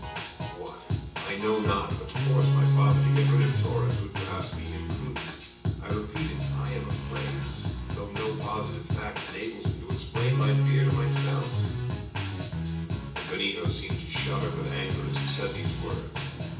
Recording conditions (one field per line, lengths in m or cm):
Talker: one person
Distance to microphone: 9.8 m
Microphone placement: far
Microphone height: 1.8 m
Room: large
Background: music